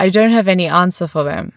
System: none